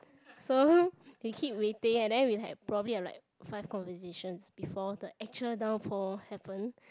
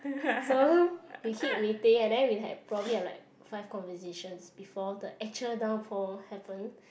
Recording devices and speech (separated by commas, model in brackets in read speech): close-talking microphone, boundary microphone, conversation in the same room